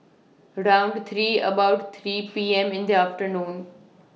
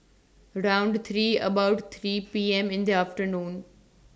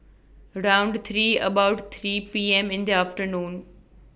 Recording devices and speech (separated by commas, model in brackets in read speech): mobile phone (iPhone 6), standing microphone (AKG C214), boundary microphone (BM630), read sentence